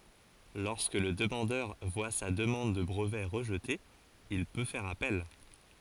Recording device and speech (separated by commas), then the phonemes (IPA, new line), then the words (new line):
forehead accelerometer, read sentence
lɔʁskə lə dəmɑ̃dœʁ vwa sa dəmɑ̃d də bʁəvɛ ʁəʒte il pø fɛʁ apɛl
Lorsque le demandeur voit sa demande de brevet rejetée, il peut faire appel.